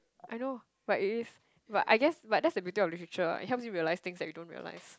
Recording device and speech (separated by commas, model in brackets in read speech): close-talking microphone, conversation in the same room